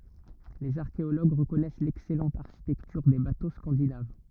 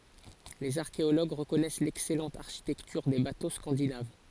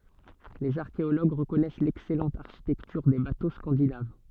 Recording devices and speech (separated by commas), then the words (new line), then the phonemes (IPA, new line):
rigid in-ear microphone, forehead accelerometer, soft in-ear microphone, read sentence
Les archéologues reconnaissent l'excellente architecture des bateaux scandinaves.
lez aʁkeoloɡ ʁəkɔnɛs lɛksɛlɑ̃t aʁʃitɛktyʁ de bato skɑ̃dinav